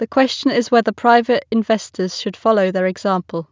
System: none